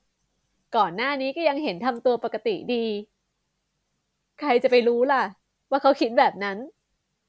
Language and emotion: Thai, sad